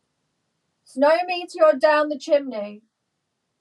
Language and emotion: English, sad